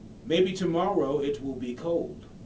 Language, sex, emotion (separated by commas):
English, male, neutral